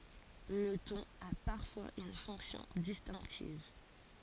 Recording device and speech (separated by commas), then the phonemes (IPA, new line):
forehead accelerometer, read sentence
lə tɔ̃n a paʁfwaz yn fɔ̃ksjɔ̃ distɛ̃ktiv